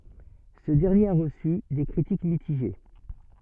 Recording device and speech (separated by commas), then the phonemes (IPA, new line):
soft in-ear microphone, read sentence
sə dɛʁnjeʁ a ʁəsy de kʁitik mitiʒe